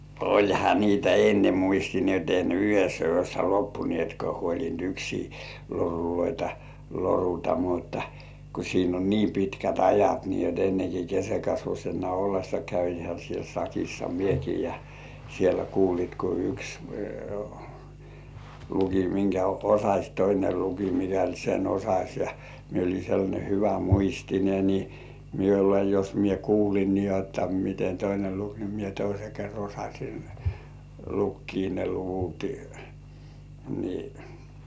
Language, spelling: Finnish, olihan niitä ennen muisti niin että ei ne yhdessä yössä loppuneetkaan huolinut yksiä loruja loruta mutta kun siinä on niin pitkät ajat niin jotta ennen kuin keskenkasvuisena ollessa kävinhän siellä sakissa minäkin ja siellä kuulit kun yksi luki minkä osasi toinen luki mikälti sen osasi ja minä olin sellainen hyvämuistinen niin minulle jos minä kuulin niin jotta miten toinen luki niin minä toisen kerran osasin lukea ne luvut niin
- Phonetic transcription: oĺha niitä "enne 'muisti ni ‿et ei ne 'yhessä yössä "loppunĭètkᴏ̆ᴀ̀§ huoĺint "yksii 'loruloitᴀ , loruta muttᴀ , ku siin ‿on "niim pitkät 'ajat nii jot enneŋko "kesekasvuśena ollessa käihä siel 'sakissa "mieki ja , siellä "kuulit ko 'yks , luki miŋkä "osaś toine luki 'mikält sen "osaś ja , mie oĺi sellańe 'hyvä-"muistine ni , miule jos 'mie "kuulin ni ‿otta mite 'toine "luk ni mie 'toise ker "osaśin , 'lukkii ne luvuti , ni .

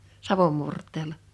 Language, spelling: Finnish, savon murteella
- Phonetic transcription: savom 'murt̆teel̀a .

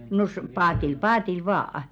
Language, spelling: Finnish, no - paatilla paatilla vain
- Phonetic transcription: no s- 'paatil "paatil vaa₍ᵃ .

